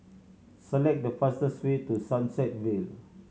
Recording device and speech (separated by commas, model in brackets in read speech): mobile phone (Samsung C7100), read sentence